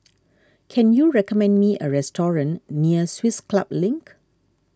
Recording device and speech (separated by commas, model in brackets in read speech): standing microphone (AKG C214), read sentence